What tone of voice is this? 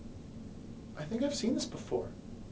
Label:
neutral